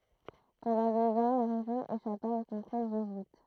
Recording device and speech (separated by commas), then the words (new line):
throat microphone, read sentence
Pendant deux ans, la région échappa au contrôle jésuite.